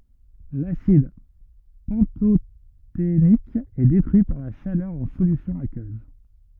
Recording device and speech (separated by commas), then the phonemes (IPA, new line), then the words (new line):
rigid in-ear microphone, read sentence
lasid pɑ̃totenik ɛ detʁyi paʁ la ʃalœʁ ɑ̃ solysjɔ̃ akøz
L'acide pantothénique est détruit par la chaleur en solution aqueuse.